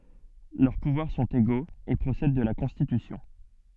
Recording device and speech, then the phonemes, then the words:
soft in-ear microphone, read sentence
lœʁ puvwaʁ sɔ̃t eɡoz e pʁosɛd də la kɔ̃stitysjɔ̃
Leurs pouvoirs sont égaux et procèdent de la Constitution.

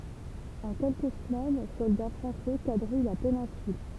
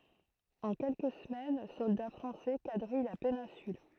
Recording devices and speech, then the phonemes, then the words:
temple vibration pickup, throat microphone, read sentence
ɑ̃ kɛlkə səmɛn sɔlda fʁɑ̃sɛ kadʁij la penɛ̃syl
En quelques semaines, soldats français quadrillent la péninsule.

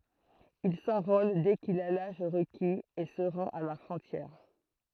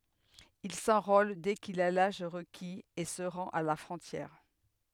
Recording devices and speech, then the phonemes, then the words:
throat microphone, headset microphone, read sentence
il sɑ̃ʁol dɛ kil a laʒ ʁəkiz e sə ʁɑ̃t a la fʁɔ̃tjɛʁ
Il s'enrôle dès qu'il a l'âge requis, et se rend à la frontière.

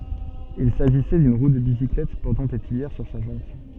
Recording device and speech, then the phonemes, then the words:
soft in-ear microphone, read sentence
il saʒisɛ dyn ʁu də bisiklɛt pɔʁtɑ̃ de tyijɛʁ syʁ sa ʒɑ̃t
Il s'agissait d'une roue de bicyclette portant des tuyères sur sa jante.

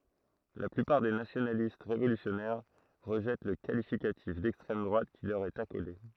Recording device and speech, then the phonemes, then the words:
throat microphone, read sentence
la plypaʁ de nasjonalist ʁevolysjɔnɛʁ ʁəʒɛt lə kalifikatif dɛkstʁɛm dʁwat ki lœʁ ɛt akole
La plupart des nationalistes révolutionnaires rejettent le qualificatif d'extrême droite qui leur est accolé.

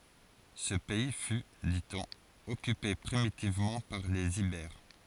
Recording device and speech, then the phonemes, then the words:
forehead accelerometer, read sentence
sə pɛi fy di ɔ̃n ɔkype pʁimitivmɑ̃ paʁ lez ibɛʁ
Ce pays fut, dit-on, occupé primitivement par les Ibères.

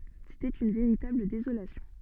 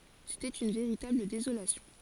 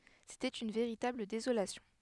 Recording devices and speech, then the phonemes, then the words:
soft in-ear microphone, forehead accelerometer, headset microphone, read sentence
setɛt yn veʁitabl dezolasjɔ̃
C'était une véritable désolation.

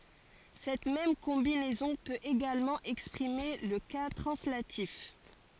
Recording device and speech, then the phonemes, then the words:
forehead accelerometer, read sentence
sɛt mɛm kɔ̃binɛzɔ̃ pøt eɡalmɑ̃ ɛkspʁime lə ka tʁɑ̃slatif
Cette même combinaison peut également exprimer le cas translatif.

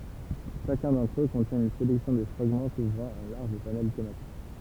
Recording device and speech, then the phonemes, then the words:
temple vibration pickup, read sentence
ʃakœ̃ dɑ̃tʁ ø kɔ̃tjɛ̃ yn selɛksjɔ̃ də fʁaɡmɑ̃ kuvʁɑ̃ œ̃ laʁʒ panɛl tematik
Chacun d’entre eux contient une sélection de fragments couvrant un large panel thématique.

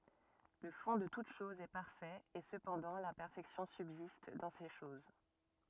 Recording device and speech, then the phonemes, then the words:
rigid in-ear microphone, read sentence
lə fɔ̃ də tut ʃɔz ɛ paʁfɛt e səpɑ̃dɑ̃ lɛ̃pɛʁfɛksjɔ̃ sybzist dɑ̃ se ʃoz
Le fond de toute chose est parfait, et cependant l'imperfection subsiste dans ces choses.

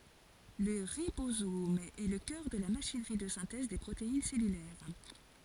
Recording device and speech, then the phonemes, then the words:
forehead accelerometer, read sentence
lə ʁibozom ɛ lə kœʁ də la maʃinʁi də sɛ̃tɛz de pʁotein sɛlylɛʁ
Le ribosome est le cœur de la machinerie de synthèse des protéines cellulaires.

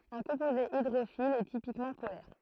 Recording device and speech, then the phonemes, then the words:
throat microphone, read sentence
œ̃ kɔ̃poze idʁofil ɛ tipikmɑ̃ polɛʁ
Un composé hydrophile est typiquement polaire.

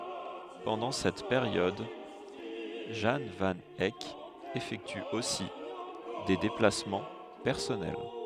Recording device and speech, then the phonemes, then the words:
headset microphone, read sentence
pɑ̃dɑ̃ sɛt peʁjɔd ʒɑ̃ van ɛk efɛkty osi de deplasmɑ̃ pɛʁsɔnɛl
Pendant cette période, Jan van Eyck effectue aussi des déplacements personnels.

